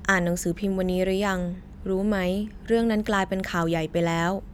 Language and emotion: Thai, neutral